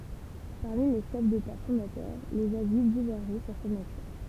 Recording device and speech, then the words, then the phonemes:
temple vibration pickup, read sentence
Parmi les chefs d'État fondateurs, les avis divergeaient sur sa nature.
paʁmi le ʃɛf deta fɔ̃datœʁ lez avi divɛʁʒɛ syʁ sa natyʁ

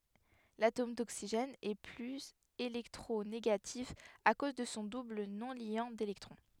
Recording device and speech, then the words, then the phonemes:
headset microphone, read sentence
L'atome d'oxygène est plus électronégatif à cause de son double non-liant d'électrons.
latom doksiʒɛn ɛ plyz elɛktʁoneɡatif a koz də sɔ̃ dubl nɔ̃ljɑ̃ delɛktʁɔ̃

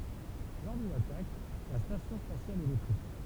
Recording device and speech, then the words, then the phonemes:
temple vibration pickup, read sentence
Lors d'une attaque, la station spatiale est détruite.
lɔʁ dyn atak la stasjɔ̃ spasjal ɛ detʁyit

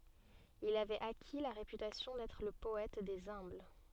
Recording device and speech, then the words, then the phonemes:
soft in-ear microphone, read sentence
Il avait acquis la réputation d’être le poète des humbles.
il avɛt aki la ʁepytasjɔ̃ dɛtʁ lə pɔɛt dez œ̃bl

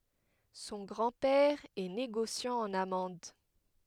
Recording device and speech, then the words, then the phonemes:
headset microphone, read sentence
Son grand-père est négociant en amandes.
sɔ̃ ɡʁɑ̃ pɛʁ ɛ neɡosjɑ̃ ɑ̃n amɑ̃d

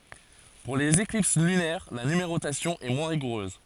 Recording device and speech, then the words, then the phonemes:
forehead accelerometer, read sentence
Pour les éclipses lunaires, la numérotation est moins rigoureuse.
puʁ lez eklips lynɛʁ la nymeʁotasjɔ̃ ɛ mwɛ̃ ʁiɡuʁøz

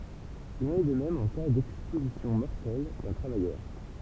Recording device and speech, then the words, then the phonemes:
temple vibration pickup, read sentence
Il en est de même en cas d'exposition mortelle d'un travailleur.
il ɑ̃n ɛ də mɛm ɑ̃ ka dɛkspozisjɔ̃ mɔʁtɛl dœ̃ tʁavajœʁ

